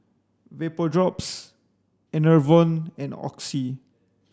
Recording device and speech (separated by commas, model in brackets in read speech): standing microphone (AKG C214), read sentence